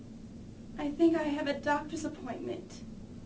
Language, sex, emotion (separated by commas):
English, female, fearful